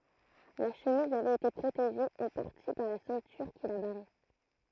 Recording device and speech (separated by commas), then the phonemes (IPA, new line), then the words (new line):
throat microphone, read sentence
la ʃəmiz avɛt ete pʁoteʒe ɑ̃ paʁti paʁ la sɛ̃tyʁ ki la baʁɛ
La chemise avait été protégée en partie par la ceinture qui la barrait.